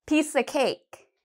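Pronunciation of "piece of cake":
In "piece of cake", "of" isn't said in full. It sounds more like "ah".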